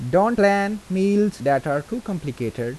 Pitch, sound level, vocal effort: 190 Hz, 86 dB SPL, normal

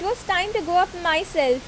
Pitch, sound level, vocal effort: 360 Hz, 88 dB SPL, loud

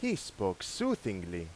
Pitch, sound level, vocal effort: 110 Hz, 89 dB SPL, loud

